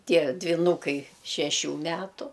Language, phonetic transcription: Lithuanian, ˈtie dviˈnūkai šeˈšių ˈmetu

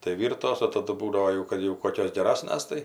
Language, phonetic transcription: Lithuanian, tai ˈvyrtos o taˈdu ˈbūdavo ˈjau ˈkad jau ˈkokios geˈrasnas tai

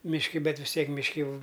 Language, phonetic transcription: Lithuanian, mišˈki ˈbet vis ˈtiek mišˈki ˈjau

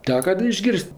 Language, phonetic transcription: Lithuanian, ˈteka da išˈgir's't'

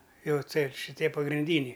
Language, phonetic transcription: Lithuanian, ˈjau ˈtaip šiˈtie pagrinˈdyniai

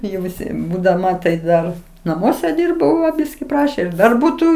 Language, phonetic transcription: Lithuanian, jau viˈsi būdaˈma tai ˈdar naˈmuose ˈdyrbau va ˈbiski ˈprašė ir ˈdar ˈbūtų

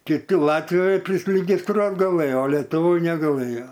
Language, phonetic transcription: Lithuanian, kiˈti ˈlatvijoj prisiregisˈtruot gaˈlɘjo o letuˈvoj negaˈlɘjo

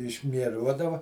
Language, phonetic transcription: Lithuanian, išmieˈruodava

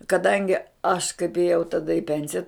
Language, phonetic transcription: Lithuanian, kaˈdangi aš kaip ėˈjau taˈda i ˈpensija

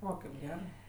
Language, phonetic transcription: Lithuanian, ˈo kaip ˈgerɜ

